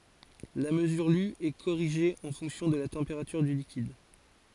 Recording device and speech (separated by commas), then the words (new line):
forehead accelerometer, read sentence
La mesure lue est corrigée en fonction de la température du liquide.